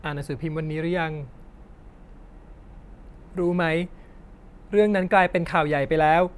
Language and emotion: Thai, sad